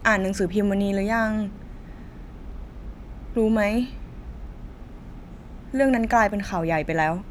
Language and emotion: Thai, sad